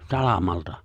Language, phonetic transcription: Finnish, 'salamalta ?
- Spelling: salamalta

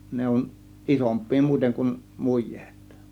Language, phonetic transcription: Finnish, ne on , "ˀisomp̆pii muiteŋ kun , "muj̆jEEt .
- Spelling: ne on isompia muuten kuin mujeet

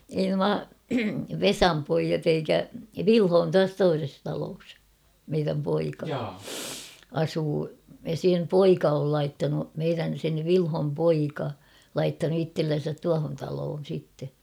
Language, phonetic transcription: Finnish, ei "nua , "Vesam 'poijat ‿eikä , "Vilho on 'tuas 'toises taloos , meiräm 'poika , 'asuu , ja sem "poika ol 'laittanu , meirän̬ sen̳ "Vilhom 'poika , "laittanu 'ittellen̬sät 'tuahon taloon̬ sitte .
- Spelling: ei nuo Vesan pojat eikä Vilho on tuossa toisessa talossa meidän poika asuu ja sen poika on laittanut meidän sen Vilhon poika laittanut itsellensä tuohon talon sitten

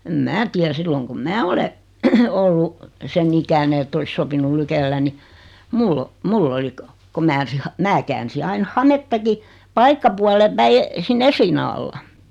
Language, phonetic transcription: Finnish, em "mää tiär , 'silloŋ kum "mää ole , 'ollu , 'sen 'ikäne ett ‿olis 'sopinul "lykellä ni , 'mull ‿o , "mull ‿oli ko , ko 'mää , 'mä käänsi 'ain "hamettaki , 'paikkapualem 'päi , 'sin "esliina alla .
- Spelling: en minä tiedä silloin kun minä olen ollut sen ikäinen että olisi sopinut lykkäillä niin minulla on minulla oli kun kun minä minä käänsin aina hamettakin paikkapuolen päin sinne esiliinan alla

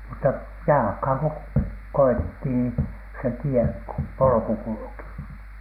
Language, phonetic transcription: Finnish, mutta jalᵃkhàŋ ko 'koitti ni , se "tie , "polᵒku 'kulᵘki .
- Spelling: mutta jalkaan kun koetti niin se tie polku kulki

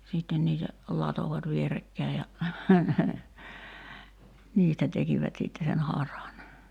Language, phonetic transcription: Finnish, sìtten niitä , 'latovat "vierekkäi ja , "niistä tekivät sitte sen 'haran .
- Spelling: sitten niitä latoivat vierekkäin ja niistä tekivät sitten sen haran

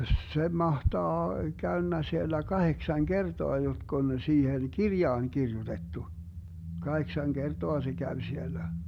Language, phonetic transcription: Finnish, 'se 'mahtaa , 'käönnä 'siellä 'kaheksaŋ "kertoa 'jotk ‿on 'siihen "kirjaan 'kirjutettu , 'kaheksaŋ 'kertoa se 'käv 'siellä .
- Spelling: se mahtaa käynyt siellä kahdeksan kertaa jotka on siihen kirjaan kirjoitettu kahdeksan kertaa se kävi siellä

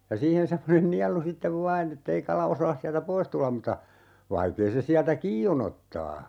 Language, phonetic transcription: Finnish, ja 'siihen 'semmonen "nialu 'sittev "vaan ‿ettei 'kala 'osaas siältä "pois tullam muta , 'vaikee se 'siältä "kii o'n ‿ottaa .
- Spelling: ja siihen semmoinen nielu sitten vain että ei kala osaa sieltä pois tulla mutta vaikea se sieltä kiinni on ottaa

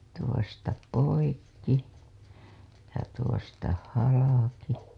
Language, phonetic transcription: Finnish, 'tuosta "poikki , ja 'tuosta "halaki .
- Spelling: tuosta poikki ja tuosta halki

